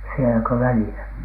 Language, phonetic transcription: Finnish, sieläkö "välìlä ?
- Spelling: sielläkö välillä

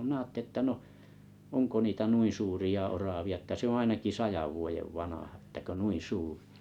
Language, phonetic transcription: Finnish, mⁱnää atte1ⁱ ‿ttä ko niitä 'nuin̬ suuria 'oravia että ‿oo 'ainaki "sajav vuojev "vanaha että 'ko "nuin̬ "suuʀɪ .
- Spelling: minä ajattelin että onko niitä noin suuria oravia että on ainakin sadan vuoden vanha että kun noin suuri

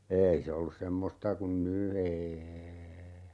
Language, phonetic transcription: Finnish, 'eei se ollus 'semmosta kun "ny 'eeei .
- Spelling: ei se ollut semmoista kuin nyt ei

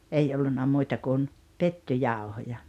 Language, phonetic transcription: Finnish, 'ei ollunna 'muita kun , "pettyjàohoja .
- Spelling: ei ollut muita kuin pettujauhoja

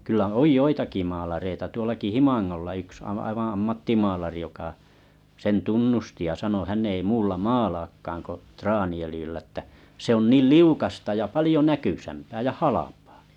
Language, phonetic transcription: Finnish, kyllä "oj 'joitaki maalareita tuolaki 'Himaŋŋolla yks a- aivaa̰ 'ammattimaalari joka , sen 'tunnusti ja sano » hän ei 'muulla 'maalaakkaaŋ ko , 'traani₍ölⁱjyllä ᵉttä , se ‿on 'niil "liukasta ja 'palⁱjo "näkysämpää ja "halapᴀᴀ « .
- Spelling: kyllä on joitakin maalareita tuollakin Himangalla yksi - aivan ammattimaalari joka sen tunnusti ja sanoi hän ei muulla maalaakaan kuin traaniöljyllä että se on niin liukasta ja paljon näkyisämpää ja halpaa

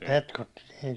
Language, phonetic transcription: Finnish, 'petkutti nii .
- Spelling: petkutti niin

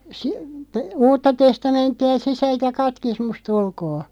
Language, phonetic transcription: Finnish, si- , (te-) , "uutta 'testamentti₍a "sisält ja 'katkismus't ‿ulkoo .
- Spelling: - - uutta testamenttia sisältä ja katekismusta ulkoa

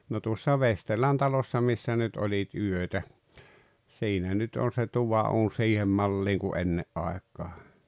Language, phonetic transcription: Finnish, no tuossa "Vesterlän 'talossa 'missä nyt 'oĺit 'yötä , 'siinä nyt on̬ se "tuva'uun "siihem 'malliiŋ ku "enne’ "aek̀aa .
- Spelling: no tuossa Vesterlän talossa missä nyt olit yötä siinä nyt on se tuvanuuni siihen malliin kuin ennen aikaan

